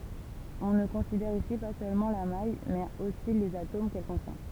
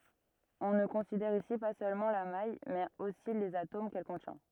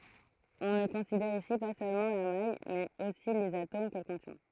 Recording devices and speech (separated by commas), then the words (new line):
temple vibration pickup, rigid in-ear microphone, throat microphone, read sentence
On ne considère ici pas seulement la maille mais aussi les atomes qu'elle contient.